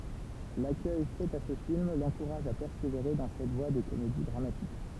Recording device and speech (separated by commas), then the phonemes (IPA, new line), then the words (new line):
temple vibration pickup, read sentence
lakœj fɛt a sə film lɑ̃kuʁaʒ a pɛʁseveʁe dɑ̃ sɛt vwa de komedi dʁamatik
L'accueil fait à ce film l'encourage à persévérer dans cette voie des comédies dramatiques.